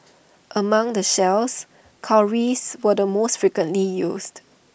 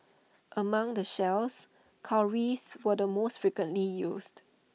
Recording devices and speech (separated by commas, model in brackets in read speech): boundary microphone (BM630), mobile phone (iPhone 6), read sentence